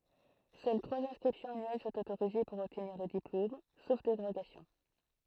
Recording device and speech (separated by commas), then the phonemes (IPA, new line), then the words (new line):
throat microphone, read sentence
sœl tʁwaz ɛ̃skʁipsjɔ̃z anyɛl sɔ̃t otoʁize puʁ ɔbtniʁ lə diplom sof deʁoɡasjɔ̃
Seules trois inscriptions annuelles sont autorisées pour obtenir le diplôme, sauf dérogations.